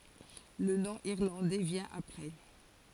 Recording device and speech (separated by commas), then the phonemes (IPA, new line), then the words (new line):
forehead accelerometer, read sentence
lə nɔ̃ iʁlɑ̃dɛ vjɛ̃ apʁɛ
Le nom irlandais vient après.